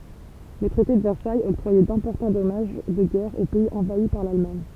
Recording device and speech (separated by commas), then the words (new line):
temple vibration pickup, read sentence
Le traité de Versailles octroyait d'importants dommages de guerre aux pays envahis par l'Allemagne.